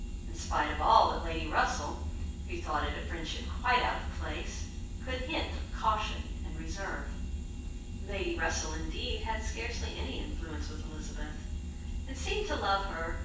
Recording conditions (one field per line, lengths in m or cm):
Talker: one person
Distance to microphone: 9.8 m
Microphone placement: far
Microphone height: 1.8 m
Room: large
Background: none